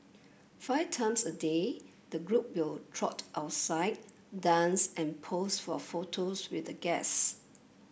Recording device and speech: boundary microphone (BM630), read sentence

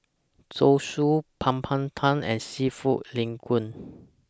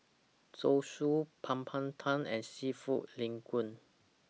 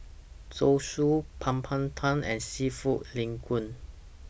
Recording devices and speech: standing microphone (AKG C214), mobile phone (iPhone 6), boundary microphone (BM630), read sentence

